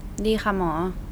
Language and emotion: Thai, neutral